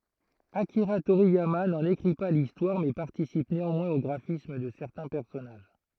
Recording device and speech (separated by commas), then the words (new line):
throat microphone, read sentence
Akira Toriyama n'en écrit pas l'histoire mais participe néanmoins au graphisme de certains personnages.